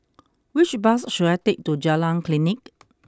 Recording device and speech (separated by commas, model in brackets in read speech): close-talking microphone (WH20), read sentence